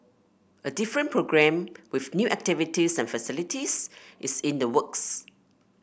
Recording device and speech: boundary microphone (BM630), read sentence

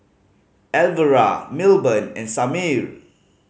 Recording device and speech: mobile phone (Samsung C5010), read sentence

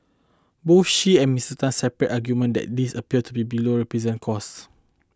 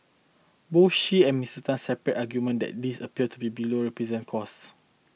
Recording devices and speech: close-talking microphone (WH20), mobile phone (iPhone 6), read sentence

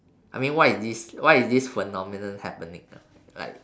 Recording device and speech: standing microphone, conversation in separate rooms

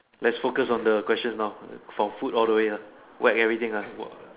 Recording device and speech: telephone, conversation in separate rooms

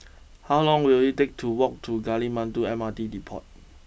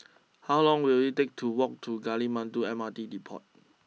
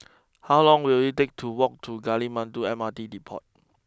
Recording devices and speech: boundary microphone (BM630), mobile phone (iPhone 6), close-talking microphone (WH20), read sentence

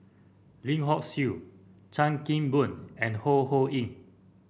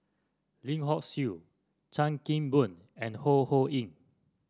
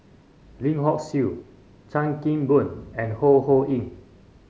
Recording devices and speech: boundary microphone (BM630), standing microphone (AKG C214), mobile phone (Samsung C5), read sentence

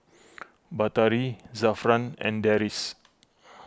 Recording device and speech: close-talking microphone (WH20), read sentence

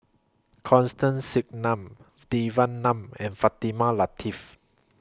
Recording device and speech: close-talking microphone (WH20), read sentence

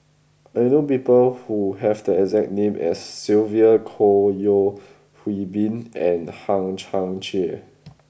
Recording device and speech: boundary microphone (BM630), read sentence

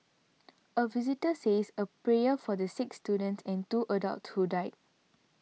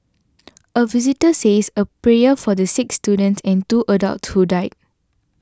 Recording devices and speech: mobile phone (iPhone 6), standing microphone (AKG C214), read sentence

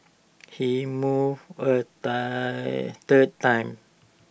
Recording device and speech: boundary microphone (BM630), read sentence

